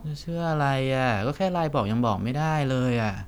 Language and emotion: Thai, frustrated